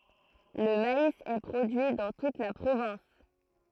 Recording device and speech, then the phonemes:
throat microphone, read sentence
lə mais ɛ pʁodyi dɑ̃ tut la pʁovɛ̃s

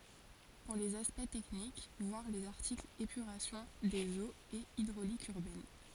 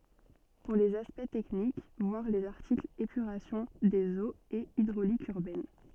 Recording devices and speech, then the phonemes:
forehead accelerometer, soft in-ear microphone, read sentence
puʁ lez aspɛkt tɛknik vwaʁ lez aʁtiklz epyʁasjɔ̃ dez oz e idʁolik yʁbɛn

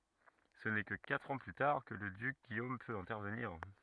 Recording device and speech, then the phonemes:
rigid in-ear microphone, read sentence
sə nɛ kə katʁ ɑ̃ ply taʁ kə lə dyk ɡijom pøt ɛ̃tɛʁvəniʁ

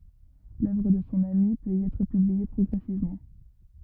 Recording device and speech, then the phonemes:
rigid in-ear microphone, read sentence
lœvʁ də sɔ̃ ami pøt i ɛtʁ pyblie pʁɔɡʁɛsivmɑ̃

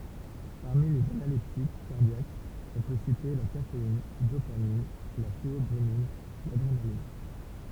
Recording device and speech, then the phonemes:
temple vibration pickup, read sentence
paʁmi lez analɛptik kaʁdjakz ɔ̃ pø site la kafein dopamin la teɔbʁomin ladʁenalin

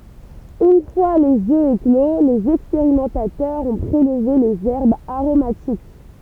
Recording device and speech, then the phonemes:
temple vibration pickup, read sentence
yn fwa lez ø eklo lez ɛkspeʁimɑ̃tatœʁz ɔ̃ pʁelve lez ɛʁbz aʁomatik

